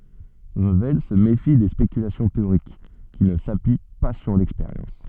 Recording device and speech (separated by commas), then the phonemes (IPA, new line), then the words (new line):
soft in-ear microphone, read sentence
ʁəvɛl sə mefi de spekylasjɔ̃ teoʁik ki nə sapyi pa syʁ lɛkspeʁjɑ̃s
Revel se méfie des spéculations théoriques qui ne s'appuient pas sur l'expérience.